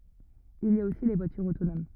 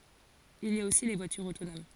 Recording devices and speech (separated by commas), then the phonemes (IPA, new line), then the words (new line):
rigid in-ear microphone, forehead accelerometer, read sentence
il i a osi le vwatyʁz otonom
Il y a aussi les voitures autonomes.